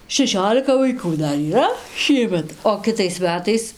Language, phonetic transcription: Lithuanian, šeˈšiolika vaiˈkų ˈdar yˈra ˈšiemet o kiˈtais ˈmetais

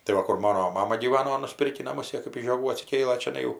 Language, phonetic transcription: Lithuanian, tai ˈva ˈkur ˈmano ˈmama gyˈvano nuˈspirkį naˈmus ˈjė kɜp iš žioˈgų atsiˈkėlɘ čiaˈnai jau

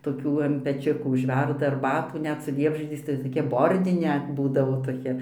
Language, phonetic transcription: Lithuanian, toˈkių an peˈčiukų užˈverda arˈbatų ˈnet su ˈliepžiedziais tai ˈtokia ˈbordine ˈbūdavo toˈkia

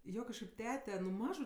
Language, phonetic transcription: Lithuanian, ˈjo kažˈkaip ˈtete nu ˈmažu

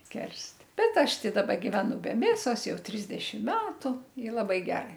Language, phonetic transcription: Lithuanian, ˈkerst ˈbet ˈaš ˈtai ˈdaba giveˈnu be ˈmėsos ˈjau ˈtrisdešim ˈmetu i laˈbai ˈgerai

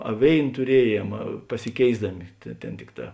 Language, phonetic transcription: Lithuanian, a ˈvėin tuˈrieˌjiem pasiˈkėisdami tė ˈtėn ˈtikˌtā

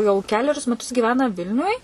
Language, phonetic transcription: Lithuanian, jau ˈkelerius meˈtus gyˈvena ˈvilniuj

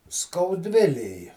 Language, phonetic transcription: Lithuanian, skauˈdvilėj

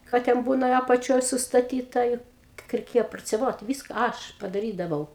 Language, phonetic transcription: Lithuanian, ˈką ten ˈbūna apaˈčioj sustaˈtyta i kiek reiˈkėja prociaˈvot ˈvyska ˈaš padaˈrydavau

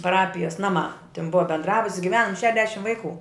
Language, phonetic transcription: Lithuanian, paˈrapijas ˈnaˌmā tin ˈbua bendˈrabut's' giˈvenam ˈšedešim ˈvaiˌku

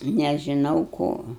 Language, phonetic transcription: Lithuanian, nežiˈnau ˈko

